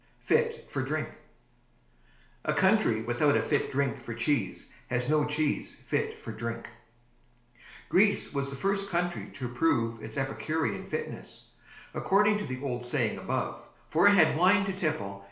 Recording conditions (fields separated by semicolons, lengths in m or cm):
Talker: one person; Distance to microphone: 1.0 m; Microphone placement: close; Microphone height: 1.1 m; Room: small (3.7 m by 2.7 m); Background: none